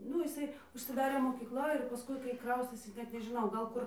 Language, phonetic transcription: Lithuanian, ˈnu iˈsai užsiˈdarė mokykˈla ir paˈskui kai ˈkraustėsi ˈnet nežiˈnau gal ˈkur

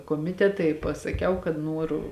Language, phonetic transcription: Lithuanian, koˈmiteta i pasaˈkiau kad ˈnuoru

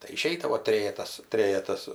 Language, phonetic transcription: Lithuanian, tai iˈšeidavo ˈtrėjetas ˈtrėjetas

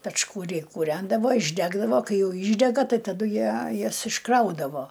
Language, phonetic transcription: Lithuanian, pečkuˈriai kūˈrendavo išˈdegdavo ˈkai ˈjau ˈyšdega ˈtai taˈdu ˈjie ˈjas išˈkraudavo

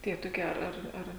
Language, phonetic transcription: Lithuanian, ˈtie toˈkie ˈar ˈar

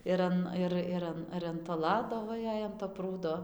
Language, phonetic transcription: Lithuanian, ir ˈan ˈir ir ˈan ir an to ˈlado ˈva ˈjei an to ˈprūdo

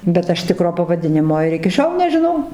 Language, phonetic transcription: Lithuanian, bet ˈaš ˈtikro pavaˈdinimo ir iki ˈšiol nežiˈnau

